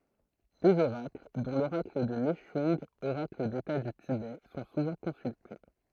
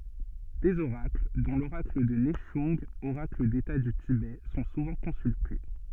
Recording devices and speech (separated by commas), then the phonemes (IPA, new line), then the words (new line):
throat microphone, soft in-ear microphone, read sentence
dez oʁakl dɔ̃ loʁakl də nɛʃœ̃ɡ oʁakl deta dy tibɛ sɔ̃ suvɑ̃ kɔ̃sylte
Des oracles, dont l'oracle de Nechung, oracle d'État du Tibet, sont souvent consultés.